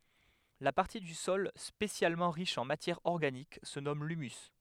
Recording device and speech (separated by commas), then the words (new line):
headset microphone, read sentence
La partie du sol spécialement riche en matière organique se nomme l'humus.